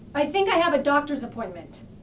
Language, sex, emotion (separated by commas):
English, female, fearful